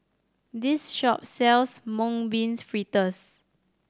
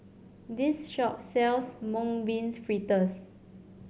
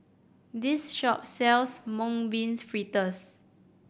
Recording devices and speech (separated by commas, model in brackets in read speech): standing microphone (AKG C214), mobile phone (Samsung C7100), boundary microphone (BM630), read sentence